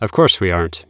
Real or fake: real